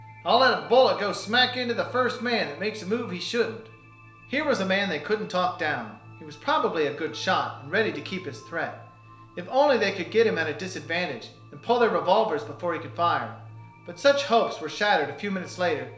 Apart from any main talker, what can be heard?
Music.